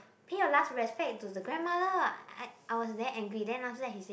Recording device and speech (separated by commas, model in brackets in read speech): boundary microphone, conversation in the same room